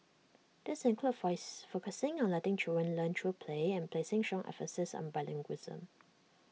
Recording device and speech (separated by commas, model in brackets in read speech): mobile phone (iPhone 6), read sentence